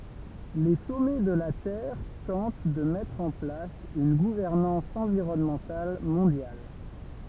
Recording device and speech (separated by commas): temple vibration pickup, read sentence